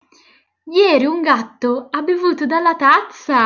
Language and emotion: Italian, surprised